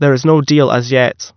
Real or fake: real